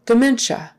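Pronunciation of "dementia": In 'dementia', the stress is on the middle syllable, and the e in that middle syllable sounds more like a short i.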